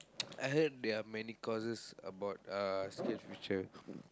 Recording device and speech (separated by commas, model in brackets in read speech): close-talking microphone, conversation in the same room